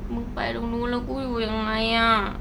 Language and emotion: Thai, frustrated